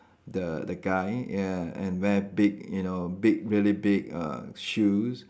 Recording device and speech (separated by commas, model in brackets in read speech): standing microphone, conversation in separate rooms